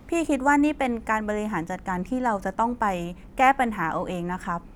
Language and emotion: Thai, neutral